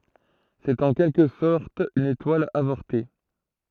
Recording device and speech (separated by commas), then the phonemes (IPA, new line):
throat microphone, read sentence
sɛt ɑ̃ kɛlkə sɔʁt yn etwal avɔʁte